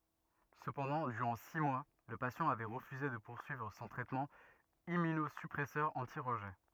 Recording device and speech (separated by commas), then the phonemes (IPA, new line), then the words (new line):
rigid in-ear microphone, read sentence
səpɑ̃dɑ̃ dyʁɑ̃ si mwa lə pasjɑ̃ avɛ ʁəfyze də puʁsyivʁ sɔ̃ tʁɛtmɑ̃ immynozypʁɛsœʁ ɑ̃ti ʁəʒɛ
Cependant, durant six mois, le patient avait refusé de poursuivre son traitement Immunosuppresseur anti-rejet.